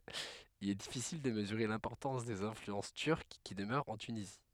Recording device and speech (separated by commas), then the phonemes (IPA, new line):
headset microphone, read sentence
il ɛ difisil də məzyʁe lɛ̃pɔʁtɑ̃s dez ɛ̃flyɑ̃s tyʁk ki dəmœʁt ɑ̃ tynizi